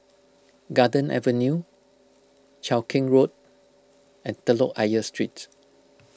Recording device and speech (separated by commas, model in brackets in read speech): close-talking microphone (WH20), read sentence